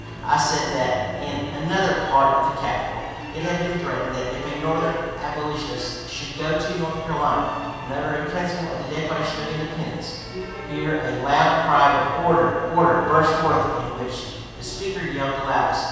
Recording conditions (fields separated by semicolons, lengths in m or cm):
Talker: one person; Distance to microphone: 7.1 m; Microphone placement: far; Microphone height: 1.7 m; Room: very reverberant, large; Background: music